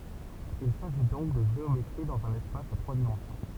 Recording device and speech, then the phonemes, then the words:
temple vibration pickup, read sentence
il saʒi dɔ̃k də ʒeometʁi dɑ̃z œ̃n ɛspas a tʁwa dimɑ̃sjɔ̃
Il s'agit donc de géométrie dans un espace à trois dimensions.

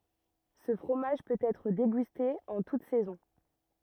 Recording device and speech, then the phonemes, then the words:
rigid in-ear microphone, read sentence
sə fʁomaʒ pøt ɛtʁ deɡyste ɑ̃ tut sɛzɔ̃
Ce fromage peut être dégusté en toutes saisons.

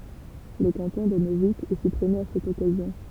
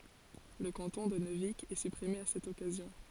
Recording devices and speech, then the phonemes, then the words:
temple vibration pickup, forehead accelerometer, read sentence
lə kɑ̃tɔ̃ də nøvik ɛ sypʁime a sɛt ɔkazjɔ̃
Le canton de Neuvic est supprimé à cette occasion.

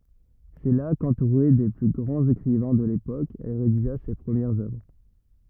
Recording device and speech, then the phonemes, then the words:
rigid in-ear microphone, read sentence
sɛ la kɑ̃tuʁe de ply ɡʁɑ̃z ekʁivɛ̃ də lepok ɛl ʁediʒa se pʁəmjɛʁz œvʁ
C’est là, qu’entourée des plus grands écrivains de l’époque, elle rédigea ses premières œuvres.

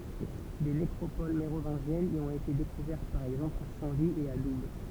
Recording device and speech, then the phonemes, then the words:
temple vibration pickup, read sentence
de nekʁopol meʁovɛ̃ʒjɛnz i ɔ̃t ete dekuvɛʁt paʁ ɛɡzɑ̃pl a sɛ̃ vi e a dub
Des nécropoles mérovingiennes y ont été découvertes par exemple à Saint-Vit et à Doubs.

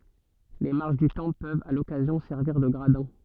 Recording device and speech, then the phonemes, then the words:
soft in-ear microphone, read sentence
le maʁʃ dy tɑ̃pl pøvt a lɔkazjɔ̃ sɛʁviʁ də ɡʁadɛ̃
Les marches du temple peuvent, à l'occasion, servir de gradins.

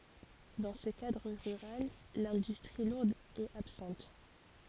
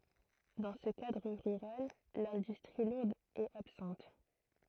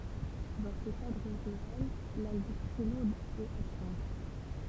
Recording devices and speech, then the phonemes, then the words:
forehead accelerometer, throat microphone, temple vibration pickup, read sentence
dɑ̃ sə kadʁ ʁyʁal lɛ̃dystʁi luʁd ɛt absɑ̃t
Dans ce cadre rural, l'industrie lourde est absente.

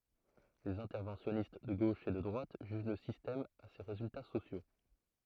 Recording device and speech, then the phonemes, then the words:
throat microphone, read sentence
lez ɛ̃tɛʁvɑ̃sjɔnist də ɡoʃ e də dʁwat ʒyʒ lə sistɛm a se ʁezylta sosjo
Les interventionnistes de gauche et de droite jugent le système à ses résultats sociaux.

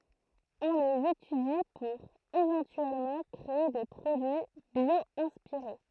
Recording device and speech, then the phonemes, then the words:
throat microphone, read sentence
ɔ̃ lez etydi puʁ evɑ̃tyɛlmɑ̃ kʁee de pʁodyi bjwɛ̃spiʁe
On les étudie pour éventuellement créer des produits bio-inspirés.

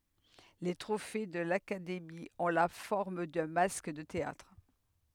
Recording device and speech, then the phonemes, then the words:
headset microphone, read sentence
le tʁofe də lakademi ɔ̃ la fɔʁm dœ̃ mask də teatʁ
Les trophées de l'Académie ont la forme d'un masque de théâtre.

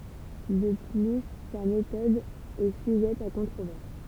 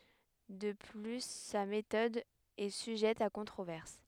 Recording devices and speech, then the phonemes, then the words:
temple vibration pickup, headset microphone, read sentence
də ply sa metɔd ɛ syʒɛt a kɔ̃tʁovɛʁs
De plus sa méthode est sujette à controverses.

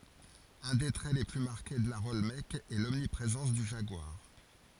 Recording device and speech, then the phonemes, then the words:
forehead accelerometer, read sentence
œ̃ de tʁɛ le ply maʁke də laʁ ɔlmɛk ɛ lɔmnipʁezɑ̃s dy ʒaɡwaʁ
Un des traits les plus marqués de l'art olmèque est l'omniprésence du jaguar.

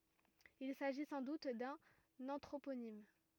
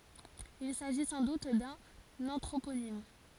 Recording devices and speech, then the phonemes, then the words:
rigid in-ear microphone, forehead accelerometer, read sentence
il saʒi sɑ̃ dut dœ̃n ɑ̃tʁoponim
Il s'agit sans doute d'un anthroponyme.

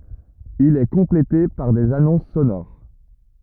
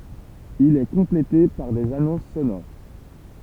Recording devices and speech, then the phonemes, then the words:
rigid in-ear microphone, temple vibration pickup, read sentence
il ɛ kɔ̃plete paʁ dez anɔ̃s sonoʁ
Il est complété par des annonces sonores.

